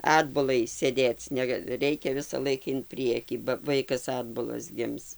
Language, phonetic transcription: Lithuanian, ˈatbulai sėˈdėc ˈnega ˈreikia visaˈlaik in ˈpriekį ba ˈvaikas ˈatbulas ˈgims

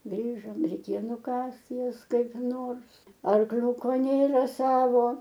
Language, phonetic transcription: Lithuanian, ˈgrįžom reiˈkėjo nuˈkast ˈjas kaip ˈnors arˈkliuko ˈnėra ˈsavo

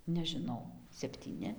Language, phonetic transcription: Lithuanian, nežiˈnau septyˈni

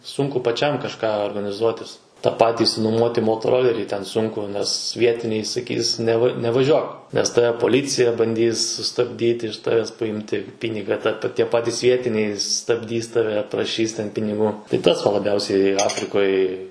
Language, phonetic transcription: Lithuanian, ˈsunku paˈčiam kažˈką organiˈzuotis ta ˈpati išsinuˈmuoti motoˈrolerį ten ˈsunku nes ˈvietiniai saˈkys neˈva nevaˈžiuok ˈnes ˈtave poˈlycija banˈdys sustabˈdyti iš taves paˈjimti ˈpyniga ta pa ˈtie ˈpatis ˈvietiniai stabˈdys taˈve praˈšys piniˈgų ti ˈtas va laˈbiausiai ˈafrikoj

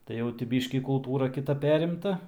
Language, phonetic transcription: Lithuanian, tai ˈjau ti ˈbyškį kulˈtūra kiˈta ˈperimta

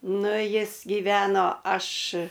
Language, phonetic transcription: Lithuanian, ˈnu ˈjis gyˈveno ˈaš

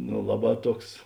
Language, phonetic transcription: Lithuanian, no ˈlaˌbā ˈtuoks

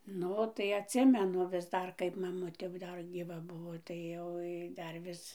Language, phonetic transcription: Lithuanian, ˈnu tai atˈsimenu vis ˈdar kaip maˈmutė jau ˈdar gyˈva ˈbuvo tai ˈjoj dar ˈvis

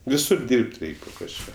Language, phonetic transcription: Lithuanian, viˈsur ˈdyrb't' ˈreik' po kažˈką

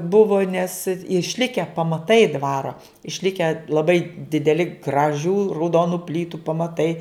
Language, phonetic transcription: Lithuanian, ˈbuvo nes išˈlike pamaˈtai ˈdvaro išˈlike laˈbai dideˈli graˈžių rauˈdonu ˈplytu pamaˈtai

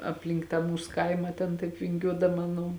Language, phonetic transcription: Lithuanian, apˈlink tą ˈmūs ˈkaima ten ˈtaip vinˈgiuodama ˈnu

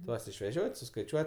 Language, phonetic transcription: Lithuanian, ˈtuos išveˈžiot' suskaiˈčiuot'

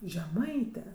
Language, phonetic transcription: Lithuanian, žeˈmaite

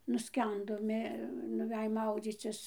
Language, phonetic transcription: Lithuanian, nuˈskendo ˈmė nuˈvej ˈmaudzycis

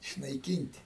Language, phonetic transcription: Lithuanian, išnaiˈkynt'

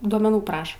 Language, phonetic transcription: Lithuanian, duomeˈnų ˈpraša

